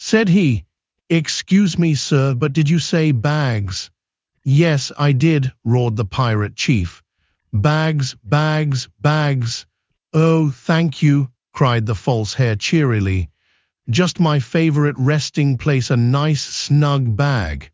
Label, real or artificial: artificial